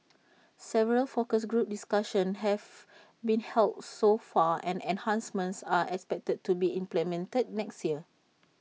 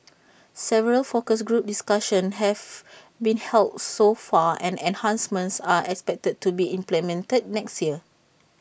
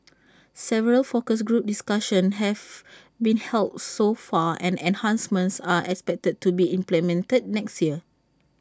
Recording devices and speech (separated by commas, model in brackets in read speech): mobile phone (iPhone 6), boundary microphone (BM630), standing microphone (AKG C214), read sentence